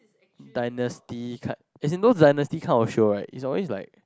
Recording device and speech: close-talking microphone, conversation in the same room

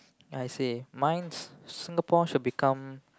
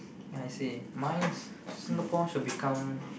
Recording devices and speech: close-talking microphone, boundary microphone, conversation in the same room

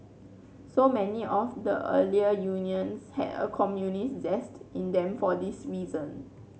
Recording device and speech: mobile phone (Samsung C9), read sentence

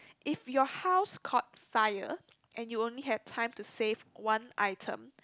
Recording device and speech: close-talking microphone, conversation in the same room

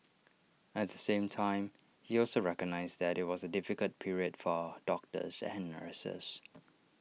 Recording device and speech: mobile phone (iPhone 6), read sentence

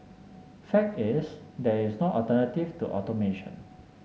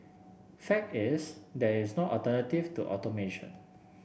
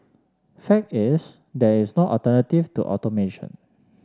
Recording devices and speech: mobile phone (Samsung S8), boundary microphone (BM630), standing microphone (AKG C214), read sentence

